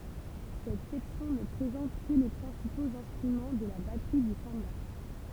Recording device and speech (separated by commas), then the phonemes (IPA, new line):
temple vibration pickup, read sentence
sɛt sɛksjɔ̃ nə pʁezɑ̃t kə le pʁɛ̃sipoz ɛ̃stʁymɑ̃ də la batʁi dy sɑ̃ba